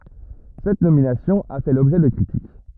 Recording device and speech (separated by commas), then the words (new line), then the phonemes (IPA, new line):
rigid in-ear microphone, read sentence
Cette nomination a fait l'objet de critiques.
sɛt nominasjɔ̃ a fɛ lɔbʒɛ də kʁitik